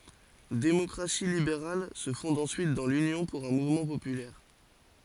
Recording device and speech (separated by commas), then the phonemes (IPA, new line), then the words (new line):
forehead accelerometer, read sentence
demɔkʁasi libeʁal sə fɔ̃d ɑ̃syit dɑ̃ lynjɔ̃ puʁ œ̃ muvmɑ̃ popylɛʁ
Démocratie libérale se fonde ensuite dans l'Union pour un mouvement populaire.